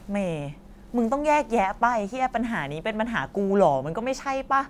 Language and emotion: Thai, frustrated